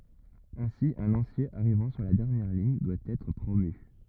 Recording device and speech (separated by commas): rigid in-ear microphone, read sentence